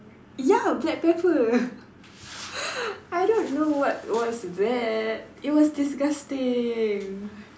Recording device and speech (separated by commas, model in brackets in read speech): standing microphone, conversation in separate rooms